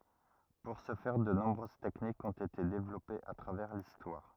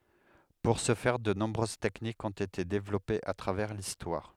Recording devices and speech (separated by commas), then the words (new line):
rigid in-ear microphone, headset microphone, read sentence
Pour ce faire, de nombreuses techniques ont été développées à travers l'histoire.